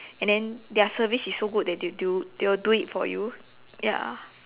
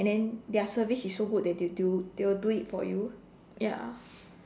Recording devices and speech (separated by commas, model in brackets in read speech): telephone, standing microphone, conversation in separate rooms